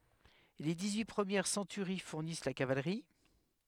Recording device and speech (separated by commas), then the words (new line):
headset microphone, read sentence
Les dix-huit premières centuries fournissent la cavalerie.